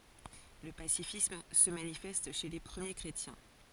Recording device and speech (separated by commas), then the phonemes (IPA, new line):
forehead accelerometer, read sentence
lə pasifism sə manifɛst ʃe le pʁəmje kʁetjɛ̃